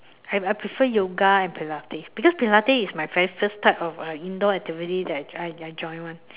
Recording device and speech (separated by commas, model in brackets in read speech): telephone, conversation in separate rooms